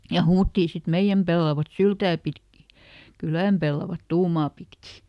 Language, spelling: Finnish, ja huudettiin sitten meidän pellavat syliä pitkin kylän pellavat tuumaa pitkin
- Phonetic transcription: ja ˈhuuttii sit » "meiʲäm pellavat "syltää pitki , ˈkylä̀m pellavat ˈtuumaa pitkì » .

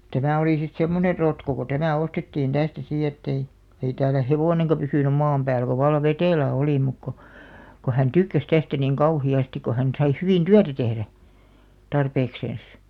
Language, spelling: Finnish, tämä oli sitten semmoinen rotko kun tämä ostettiin tästä sitten että ei ei täällä hevonenkaan pysynyt maan päällä kun vallan vetelä oli mutta kun kun hän tykkäsi tästä niin kauheasti kun hän sai hyvin työtä tehdä tarpeeksensa
- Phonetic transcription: 'tämä̀ olì sit "semmoner 'rotko ko "tämä ostettiin 'tästä sì ettei , ei täälä "hevòneŋka pysỳnym̆ 'maam pääl ko val̆§lav "vetèlä 'olì muk ko , ko hän "tykkäs 'tästä niŋ "kauhi₍'astik̆§ ko hän sai 'hyvìn "tyätä tehrä , 'tarpeekseens .

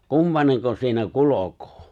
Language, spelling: Finnish, kumpainenko siinä kulkee
- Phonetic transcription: kumpaneŋko siinä "kulokᴏᴏ !

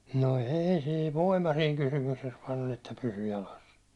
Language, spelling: Finnish, no ei siinä voima siinä kysymyksessä vain oli että pysyi jalassa
- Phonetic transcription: no "ei sii , "voima siiŋ 'kysymykses vaan ‿oĺ että pysy 'jalas .

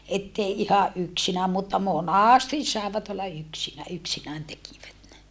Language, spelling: Finnish, että ei ihan yksinään mutta monasti saivat olla - yksinään tekivät ne
- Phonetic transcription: ettei ihaʼ ʼyksinääm mutta monàstis sàevat ‿olla yksinä - yksinään tekivät ne .

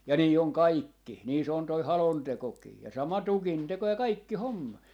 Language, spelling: Finnish, ja niin on kaikki niin se on tuo halontekokin ja sama tukinteko ja kaikki homma
- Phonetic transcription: ja 'nii oŋ "kaikki , nii se on toi "halontekokii 'ja 'sama "tukinteko ja "kaikki "homma .

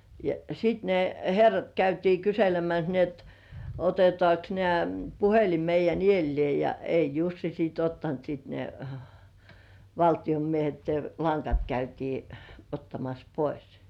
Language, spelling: Finnish, ja sitten ne herrat käytiin kyselemässä niin että otetaankos näet puhelin meidän edelleen ja ei Jussi sitten ottanut sitten ne valtion miehet ne langat käytiin ottamassa pois
- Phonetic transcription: ja sit ne "herrat käytii 'kyselemäs ni ‿et , "otetŏàks nĕä̀[t] 'puhelim meij̆jän "iellĭè ja , 'ei "Jussi siit ‿ottant sit ne , 'valtiʲom miehet ne 'laŋkat käytii , 'ottamas "pois .

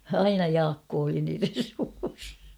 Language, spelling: Finnish, aina Jaakko oli niiden suussa
- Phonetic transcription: aina "Jaakkoo oli niiren̬ suus .

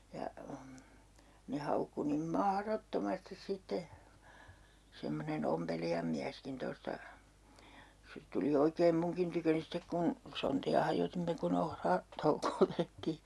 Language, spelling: Finnish, ja ne haukkui niin mahdottomasti sitten semmoinen ompelijan mieskin tuosta se tuli oikein minunkin tyköni sitten kun sontia hajotimme kun - ohratoukoa tehtiin
- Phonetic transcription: ja , ne 'haukku nim "mahrottomastis 'sitte , 'semmonen "ompelijam miäskin tosta , se 'tuli 'oikeem 'muŋkin tyköni 'stek kun , "sonti₍a hajotimme ku'n ‿ohra- , '-toukoo 'tehtii .

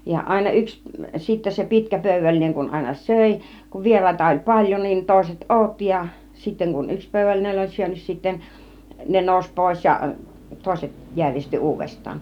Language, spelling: Finnish, ja aina yksi sitten se pitkä pöydällinen kun aina söi kun vieraita oli paljon niin toiset odotti ja sitten kun yksi pöydällinen oli syönyt sitten ne nousi pois ja toiset järjesti uudestaan
- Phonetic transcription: ja àina 'yks , sittä se "pi̬tkä 'pö̀y-vällineŋ kun àina "sö̀i , kuv 'vier̀àita oĺ 'paĺjon niin 'tòiset "ˀòᵘtti ja , sitteŋ kun 'yks 'pö̀yvällinen oĺ 'syönn(ä) sitten , 'ne nòus 'pòis ja , 'tòiset , 'jäŕjesti 'uuvest̆taan .

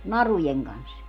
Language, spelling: Finnish, narujen kanssa
- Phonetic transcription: "narujeŋ 'kans .

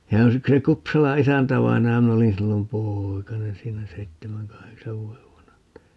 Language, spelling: Finnish, ja yksi Kupsalan isäntävainaja minä olin silloin poikanen siinä seitsemän kahdeksan vuoden vanha että
- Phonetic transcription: ja 'yksi 'Kupsala "isäntävainaja - 'min ‿olin 'sillom "pooikanen 'siinä 'seittemäŋ "kaheksav 'vuo₍ev 'vanaha (että) , .

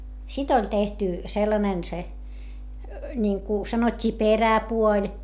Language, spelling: Finnish, sitten oli tehty sellainen se niin kuin sanottiin peräpuoli
- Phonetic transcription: sit ‿oĺ tehty , sellanen se , ńiŋku , sanot́t́ii peräpuoĺ .

